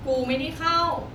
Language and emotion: Thai, frustrated